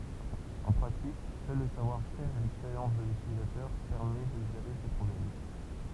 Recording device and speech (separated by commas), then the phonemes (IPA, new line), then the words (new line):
temple vibration pickup, read sentence
ɑ̃ pʁatik sœl lə savwaʁfɛʁ e lɛkspeʁjɑ̃s də lytilizatœʁ pɛʁmɛ də ʒeʁe se pʁɔblɛm
En pratique, seul le savoir-faire et l’expérience de l’utilisateur permet de gérer ces problèmes.